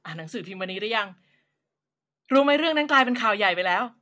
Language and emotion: Thai, happy